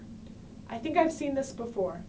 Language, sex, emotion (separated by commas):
English, female, neutral